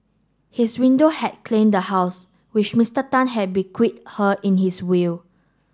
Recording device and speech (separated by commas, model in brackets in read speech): standing microphone (AKG C214), read sentence